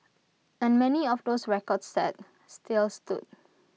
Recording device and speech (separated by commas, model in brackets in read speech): mobile phone (iPhone 6), read sentence